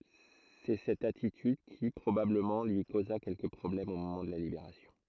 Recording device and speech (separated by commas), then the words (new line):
throat microphone, read sentence
C'est cette attitude qui, probablement, lui causa quelques problèmes au moment de la Libération.